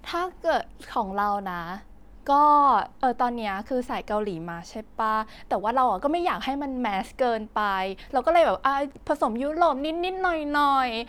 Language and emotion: Thai, happy